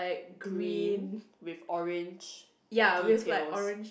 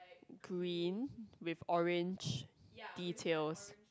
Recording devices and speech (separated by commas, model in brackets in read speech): boundary microphone, close-talking microphone, conversation in the same room